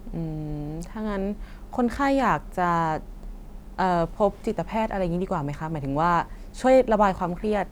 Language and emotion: Thai, neutral